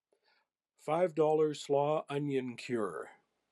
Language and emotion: English, happy